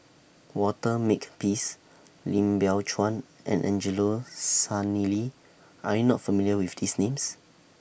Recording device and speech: boundary microphone (BM630), read sentence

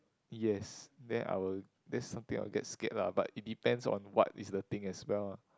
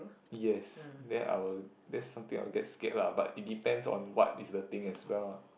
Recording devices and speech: close-talking microphone, boundary microphone, conversation in the same room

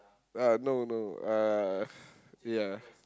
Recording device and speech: close-talking microphone, conversation in the same room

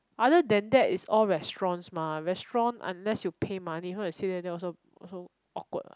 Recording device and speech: close-talking microphone, conversation in the same room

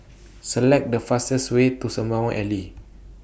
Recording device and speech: boundary microphone (BM630), read sentence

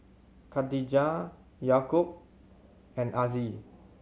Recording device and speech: mobile phone (Samsung C7100), read sentence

